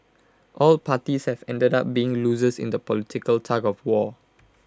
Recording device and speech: close-talking microphone (WH20), read sentence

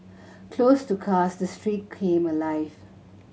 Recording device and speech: mobile phone (Samsung C7100), read sentence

